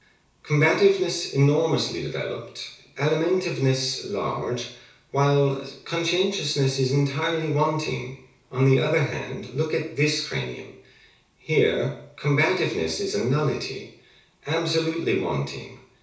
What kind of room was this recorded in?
A small space (about 3.7 m by 2.7 m).